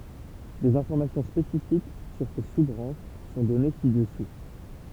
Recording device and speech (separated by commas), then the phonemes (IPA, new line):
temple vibration pickup, read sentence
dez ɛ̃fɔʁmasjɔ̃ spesifik syʁ se su bʁɑ̃ʃ sɔ̃ dɔne si dəsu